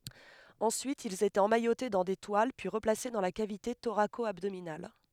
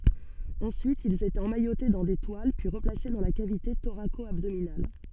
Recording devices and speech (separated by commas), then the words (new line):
headset microphone, soft in-ear microphone, read sentence
Ensuite, ils étaient emmaillotés dans des toiles puis replacés dans la cavité thoraco-abdominale.